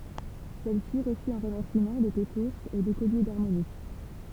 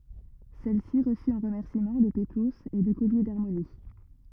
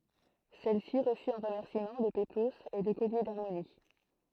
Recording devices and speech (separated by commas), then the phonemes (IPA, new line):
temple vibration pickup, rigid in-ear microphone, throat microphone, read sentence
sɛlsi ʁəsy ɑ̃ ʁəmɛʁsimɑ̃ lə peploz e lə kɔlje daʁmoni